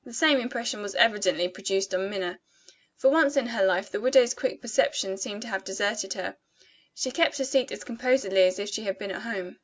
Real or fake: real